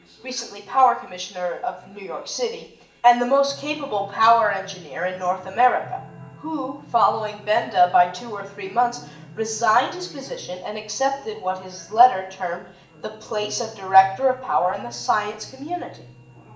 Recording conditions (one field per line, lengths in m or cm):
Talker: one person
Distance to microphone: 1.8 m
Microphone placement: close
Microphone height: 1.0 m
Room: large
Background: television